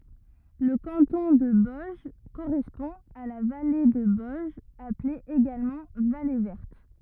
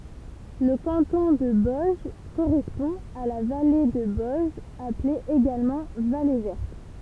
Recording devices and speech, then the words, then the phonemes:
rigid in-ear microphone, temple vibration pickup, read sentence
Le canton de Boëge correspond à la vallée de Boëge appelée également vallée Verte.
lə kɑ̃tɔ̃ də bɔɛʒ koʁɛspɔ̃ a la vale də bɔɛʒ aple eɡalmɑ̃ vale vɛʁt

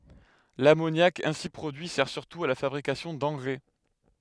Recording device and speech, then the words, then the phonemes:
headset microphone, read sentence
L'ammoniac ainsi produit sert surtout à la fabrication d'engrais.
lamonjak ɛ̃si pʁodyi sɛʁ syʁtu a la fabʁikasjɔ̃ dɑ̃ɡʁɛ

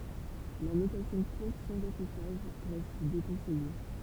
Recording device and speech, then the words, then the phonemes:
temple vibration pickup, read sentence
La notation courte sans affichage reste déconseillée.
la notasjɔ̃ kuʁt sɑ̃z afiʃaʒ ʁɛst dekɔ̃sɛje

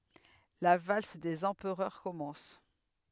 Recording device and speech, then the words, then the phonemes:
headset microphone, read sentence
La valse des empereurs commence.
la vals dez ɑ̃pʁœʁ kɔmɑ̃s

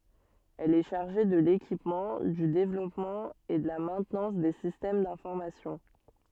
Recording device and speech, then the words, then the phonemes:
soft in-ear microphone, read sentence
Elle est chargée de l'équipement, du développement et de la maintenance des systèmes d'information.
ɛl ɛ ʃaʁʒe də lekipmɑ̃ dy devlɔpmɑ̃ e də la mɛ̃tnɑ̃s de sistɛm dɛ̃fɔʁmasjɔ̃

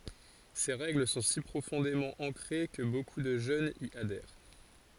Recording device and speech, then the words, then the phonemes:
forehead accelerometer, read sentence
Ces règles sont si profondément ancrées que beaucoup de jeunes y adhèrent.
se ʁɛɡl sɔ̃ si pʁofɔ̃demɑ̃ ɑ̃kʁe kə boku də ʒønz i adɛʁ

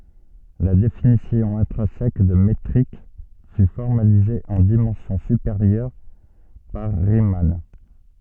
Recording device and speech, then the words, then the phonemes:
soft in-ear microphone, read sentence
La définition intrinsèque de métrique fut formalisée en dimension supérieure par Riemann.
la definisjɔ̃ ɛ̃tʁɛ̃sɛk də metʁik fy fɔʁmalize ɑ̃ dimɑ̃sjɔ̃ sypeʁjœʁ paʁ ʁiman

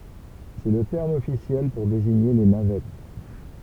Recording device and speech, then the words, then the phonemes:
temple vibration pickup, read sentence
C'est le terme officiel pour désigner les navettes.
sɛ lə tɛʁm ɔfisjɛl puʁ deziɲe le navɛt

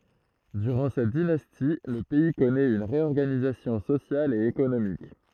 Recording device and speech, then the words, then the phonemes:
throat microphone, read sentence
Durant cette dynastie, le pays connaît une réorganisation sociale et économique.
dyʁɑ̃ sɛt dinasti lə pɛi kɔnɛt yn ʁeɔʁɡanizasjɔ̃ sosjal e ekonomik

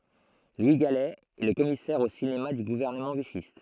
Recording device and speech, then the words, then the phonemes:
throat microphone, read sentence
Louis Galey est le commissaire au cinéma du gouvernement vichyste.
lwi ɡalɛ ɛ lə kɔmisɛʁ o sinema dy ɡuvɛʁnəmɑ̃ viʃist

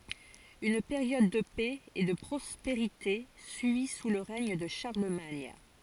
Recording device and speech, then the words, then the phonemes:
forehead accelerometer, read sentence
Une période de paix et de prospérité suit sous le règne de Charlemagne.
yn peʁjɔd də pɛ e də pʁɔspeʁite syi su lə ʁɛɲ də ʃaʁləmaɲ

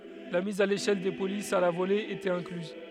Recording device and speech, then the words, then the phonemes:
headset microphone, read sentence
La mise à l'échelle des polices à la volée était incluse.
la miz a leʃɛl de polisz a la vole etɛt ɛ̃klyz

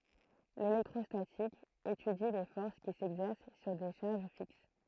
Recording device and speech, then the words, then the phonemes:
throat microphone, read sentence
L'électrostatique étudie les forces qui s'exercent sur des charges fixes.
lelɛktʁɔstatik etydi le fɔʁs ki sɛɡzɛʁs syʁ de ʃaʁʒ fiks

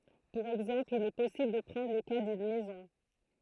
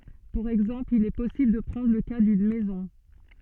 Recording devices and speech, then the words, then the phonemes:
throat microphone, soft in-ear microphone, read sentence
Pour exemple, il est possible de prendre le cas d'une maison.
puʁ ɛɡzɑ̃pl il ɛ pɔsibl də pʁɑ̃dʁ lə ka dyn mɛzɔ̃

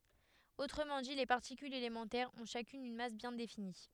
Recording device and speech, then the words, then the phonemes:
headset microphone, read sentence
Autrement dit, les particules élémentaires ont chacune une masse bien définie.
otʁəmɑ̃ di le paʁtikylz elemɑ̃tɛʁz ɔ̃ ʃakyn yn mas bjɛ̃ defini

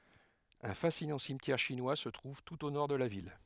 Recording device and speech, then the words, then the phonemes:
headset microphone, read sentence
Un fascinant cimetière chinois se trouve tout au nord de la ville.
œ̃ fasinɑ̃ simtjɛʁ ʃinwa sə tʁuv tut o nɔʁ də la vil

